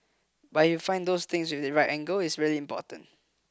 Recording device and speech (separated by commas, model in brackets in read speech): close-talking microphone (WH20), read sentence